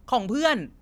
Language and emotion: Thai, angry